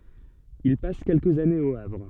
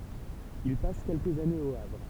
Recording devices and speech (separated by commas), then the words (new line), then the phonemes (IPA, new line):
soft in-ear microphone, temple vibration pickup, read sentence
Il passe quelques années au Havre.
il pas kɛlkəz anez o avʁ